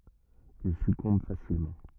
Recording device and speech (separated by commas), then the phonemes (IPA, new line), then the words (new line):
rigid in-ear microphone, read sentence
il sykɔ̃b fasilmɑ̃
Il succombe facilement.